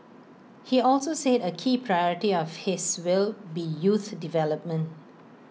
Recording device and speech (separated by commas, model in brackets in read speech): mobile phone (iPhone 6), read sentence